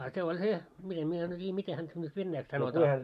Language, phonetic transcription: Finnish, a se oĺ "se , mitem mie , en tiijä 'mite häntä nyt "vennäiks sanotaa .
- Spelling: a se oli se miten minä en tiedä miten häntä nyt venäjäksi sanotaan

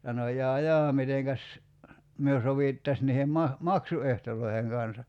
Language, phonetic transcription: Finnish, sano » 'jaa "jaa 'miteŋkäs , myö 'sovìttas niihem ma- , "maksu₍ehtol̀oiheŋ kansa ? «
- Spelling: sanoi jaa jaa mitenkäs me sovittaisiin niiden - maksuehtojen kanssa

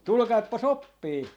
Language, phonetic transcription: Finnish, "tulᵘkaippa"s ‿oppii .
- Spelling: tulkaapas oppiin

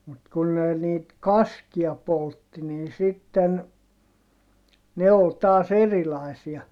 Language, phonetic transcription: Finnish, mut kun ne niit kaskia poltti nin sitten , ne ol taas ‿erilaisia .
- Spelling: mutta kun ne niitä kaskia poltti niin sitten ne oli taas erilaisia

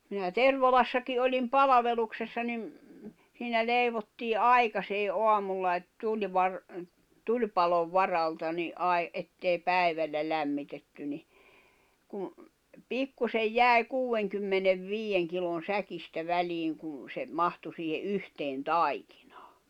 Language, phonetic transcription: Finnish, minä "Tervalassaki olim "palaveluksessa nim , siinä 'lèivottii "aikasee "’oamulla et tuĺvar- , 'tuĺpalov "varalta ni’ '’ai- ’ettei 'pä̀i̬vällä 'lämmitetty ni , kun̬ , 'pikkusej "jä̀i̬ "kuuʷeŋkymmenev"viijeŋ kilon̬ "säkistä "väliiŋ kun̬ se , 'mahtu siihe '’yhteen "taikɪɴᴀᴀ .
- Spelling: minä Tervalassakin olin palveluksessa niin siinä leivottiin aikaiseen aamulla että - tulipalon varalta niin - että ei päivällä lämmitetty niin kun pikkuisen jäi kuudenkymmenenviiden kilon säkistä väliin kun se mahtui siihen yhteen taikinaan

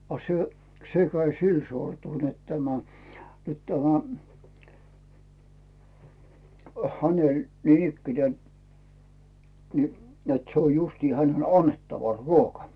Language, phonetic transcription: Finnish, a 'se , 'se käi sil 'sortul net 'tämä , nyt tämä , häneĺ 'niinikkine , ni net 'se oj 'justii 'hänen "annettava , "ruoka .
- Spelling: a se se kävi sillä sortulla että tämä nyt tämä hänellä niinikään niin että se on justiin hänen annettava ruoka

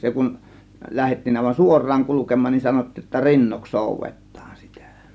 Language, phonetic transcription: Finnish, 'se kun , 'lähettiin àėvan "suor̆raaŋ "kulukem̆maan nin 'sanottiij jotta "rinnoks "sòuvet̆taan sitä .
- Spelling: se kun lähdettiin aivan suoraan kulkemaan niin sanottiin jotta rinnoiksi soudetaan sitä

